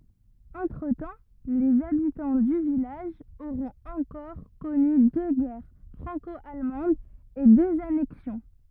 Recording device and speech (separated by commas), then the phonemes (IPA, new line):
rigid in-ear microphone, read sentence
ɑ̃tʁətɑ̃ lez abitɑ̃ dy vilaʒ oʁɔ̃t ɑ̃kɔʁ kɔny dø ɡɛʁ fʁɑ̃kɔalmɑ̃dz e døz anɛksjɔ̃